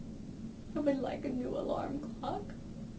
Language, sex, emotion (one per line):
English
female
sad